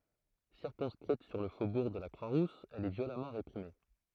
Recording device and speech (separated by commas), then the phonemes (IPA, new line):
throat microphone, read sentence
siʁkɔ̃skʁit syʁ lə fobuʁ də la kʁwa ʁus ɛl ɛ vjolamɑ̃ ʁepʁime